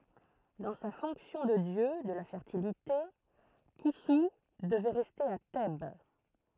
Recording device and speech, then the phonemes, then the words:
throat microphone, read sentence
dɑ̃ sa fɔ̃ksjɔ̃ də djø də la fɛʁtilite kɔ̃su dəvɛ ʁɛste a tɛb
Dans sa fonction de dieu de la Fertilité, Khonsou devait rester à Thèbes.

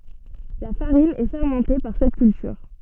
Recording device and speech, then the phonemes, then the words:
soft in-ear microphone, read sentence
la faʁin ɛ fɛʁmɑ̃te paʁ sɛt kyltyʁ
La farine est fermentée par cette culture.

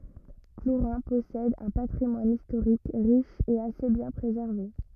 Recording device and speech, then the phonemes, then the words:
rigid in-ear microphone, read sentence
pluʁɛ̃ pɔsɛd œ̃ patʁimwan istoʁik ʁiʃ e ase bjɛ̃ pʁezɛʁve
Plourin possède un patrimoine historique riche et assez bien préservé.

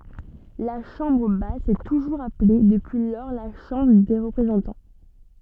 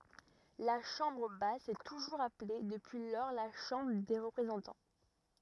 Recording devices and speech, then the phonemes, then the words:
soft in-ear microphone, rigid in-ear microphone, read sentence
la ʃɑ̃bʁ bas sɛ tuʒuʁz aple dəpyi lɔʁ la ʃɑ̃bʁ de ʁəpʁezɑ̃tɑ̃
La chambre basse s'est toujours appelée depuis lors la Chambre des représentants.

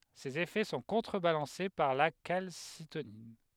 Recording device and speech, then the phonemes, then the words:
headset microphone, read sentence
sez efɛ sɔ̃ kɔ̃tʁəbalɑ̃se paʁ la kalsitonin
Ses effets sont contrebalancés par la calcitonine.

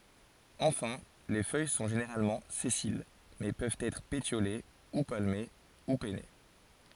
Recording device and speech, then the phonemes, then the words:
forehead accelerometer, read sentence
ɑ̃fɛ̃ le fœj sɔ̃ ʒeneʁalmɑ̃ sɛsil mɛ pøvt ɛtʁ petjole u palme u pɛne
Enfin les feuilles sont généralement sessiles mais peuvent être pétiolées, ou palmées ou pennées.

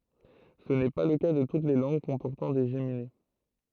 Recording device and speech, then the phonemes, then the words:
throat microphone, read sentence
sə nɛ pa lə ka də tut le lɑ̃ɡ kɔ̃pɔʁtɑ̃ de ʒemine
Ce n'est pas le cas de toutes les langues comportant des géminées.

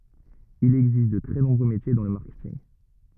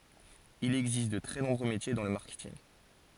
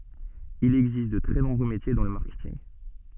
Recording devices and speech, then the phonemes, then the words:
rigid in-ear microphone, forehead accelerometer, soft in-ear microphone, read sentence
il ɛɡzist də tʁɛ nɔ̃bʁø metje dɑ̃ lə maʁkɛtinɡ
Il existe de très nombreux métiers dans le marketing.

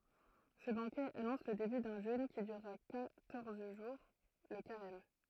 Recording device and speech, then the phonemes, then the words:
throat microphone, read sentence
sə bɑ̃kɛ anɔ̃s lə deby dœ̃ ʒøn ki dyʁʁa kwatɔʁz ʒuʁ lə kaʁɛm
Ce banquet annonce le début d'un jeûne qui durera quatorze jours, le carême.

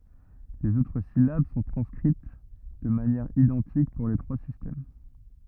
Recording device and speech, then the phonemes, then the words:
rigid in-ear microphone, read sentence
lez otʁ silab sɔ̃ tʁɑ̃skʁit də manjɛʁ idɑ̃tik puʁ le tʁwa sistɛm
Les autres syllabes sont transcrites de manière identique pour les trois systèmes.

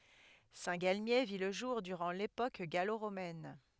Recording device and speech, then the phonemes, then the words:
headset microphone, read sentence
sɛ̃tɡalmje vi lə ʒuʁ dyʁɑ̃ lepok ɡaloʁomɛn
Saint-Galmier vit le jour durant l'époque gallo-romaine.

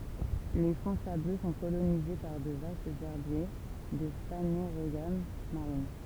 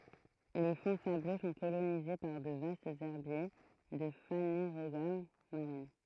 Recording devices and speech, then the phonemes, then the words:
temple vibration pickup, throat microphone, read sentence
le fɔ̃ sablø sɔ̃ kolonize paʁ də vastz ɛʁbje də faneʁoɡam maʁin
Les fonds sableux sont colonisés par de vastes herbiers de Phanérogames marines.

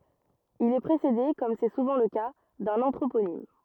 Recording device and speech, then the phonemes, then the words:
rigid in-ear microphone, read sentence
il ɛ pʁesede kɔm sɛ suvɑ̃ lə ka dœ̃n ɑ̃tʁoponim
Il est précédé, comme c'est souvent le cas, d'un anthroponyme.

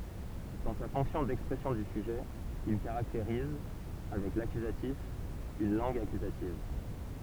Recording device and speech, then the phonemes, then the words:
temple vibration pickup, read sentence
dɑ̃ sa fɔ̃ksjɔ̃ dɛkspʁɛsjɔ̃ dy syʒɛ il kaʁakteʁiz avɛk lakyzatif yn lɑ̃ɡ akyzativ
Dans sa fonction d'expression du sujet, il caractérise, avec l'accusatif, une langue accusative.

